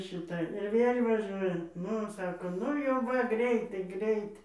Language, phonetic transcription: Lithuanian, šiˈta ir ˈvėl' vaˈžiuoja ˈnu ˈsako ˈnu jau ˈva ˈgreitai ˈgreit

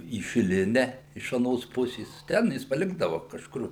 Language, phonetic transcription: Lithuanian, į šiˈline iš aˈnos ˈpusės ˈten jis paˈlikdava kažˈkur

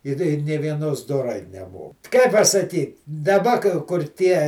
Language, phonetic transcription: Lithuanian, ir i ˈnė vieˈnos doˈrai neˈmo kai pasaˈkyt daˈba ka kur ˈtie

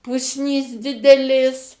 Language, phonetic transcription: Lithuanian, ˈpusnys ˈdidelės

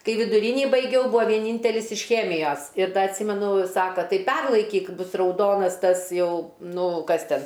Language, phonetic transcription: Lithuanian, ˈkai viduˈrynį baiˈgiau ˈbua vieˈnyntelis iš ˈchemijos ir ˈda atˈsymenu ˈsaka ˈtai ˈperlaikyk ˈbus rauˈdonas ˈtas ˈjau ˈnu ˈkas ˈten

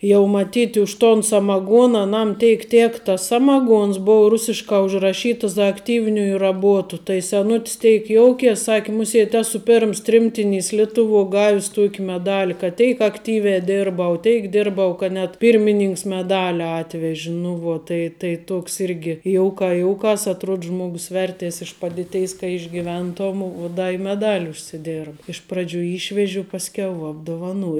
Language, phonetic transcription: Lithuanian, jau maˈtyt' už ton samaˈguona aˈnam ˈteik ˈtėk tas ˈsamaˌguons ˈbou ˈrusiškā užraˈšyta za akˈtyvniuju raˈbuotu tai seˈnut's ˈteik ˈjoukės ˈsaki ˈmusiet' ˈesu ˈperms ˈtrimtiˌnys ˈlietuˌvuo ˈgavis ˈtuoki meˈdali kad ˈteik akˈtyviā ˈderbau ˈteik ˈdirbau kad net pyrmiˈninks meˈdali ˈatveži nu ˈvuo ˈtai tai ˈtoks ˈirgi ˈjouˌkā ˈjouˌkās atˈruod ˈžmogus ˈvertės iš ˈpaditeis ka išgyˈventom uo ˈda i meˈdal' užsiˈdėrba iš ˈpradžiu ˈyšveži u pasˈkiau apduvaˈnuoj

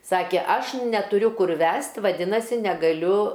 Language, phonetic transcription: Lithuanian, ˈsakė ˈaš netuˈriu ˈkur ˈvæst vaˈdinasi negaˈliu

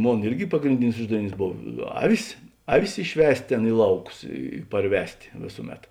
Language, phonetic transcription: Lithuanian, ˈmon ˈirgi pagrinˈdinis ˈuždaviˌnys ˈbov ˈavis ˈaˌvis išˈvest' ˈtėn ˈi lauˌkus i parˈvest' ˈvėsuˌmet

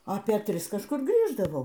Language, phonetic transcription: Lithuanian, ˈapė ˈtris kažˈkur ˈgrįždavau

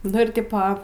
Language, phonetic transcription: Lithuanian, nu ir ˈtipo

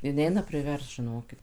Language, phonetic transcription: Lithuanian, i ˈneina priˈverst žiˈnokit

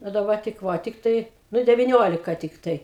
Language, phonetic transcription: Lithuanian, o daˈba tik ˈva tikˈtai ˈnu deviˈniolika tikˈtai

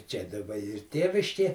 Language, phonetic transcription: Lithuanian, ˈčia daˈba ˈyr ˈtėviškė

